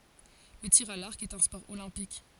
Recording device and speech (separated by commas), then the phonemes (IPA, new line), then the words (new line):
forehead accelerometer, read sentence
lə tiʁ a laʁk ɛt œ̃ spɔʁ olɛ̃pik
Le tir à l'arc est un sport olympique.